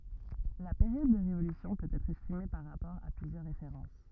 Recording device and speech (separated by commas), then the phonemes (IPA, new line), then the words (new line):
rigid in-ear microphone, read sentence
la peʁjɔd də ʁevolysjɔ̃ pøt ɛtʁ ɛstime paʁ ʁapɔʁ a plyzjœʁ ʁefeʁɑ̃s
La période de révolution peut être estimée par rapport à plusieurs références.